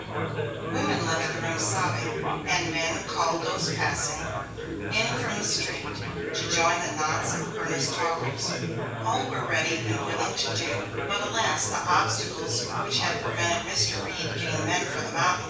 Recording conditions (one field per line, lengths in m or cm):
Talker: one person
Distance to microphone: 9.8 m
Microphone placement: far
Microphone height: 1.8 m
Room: large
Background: babble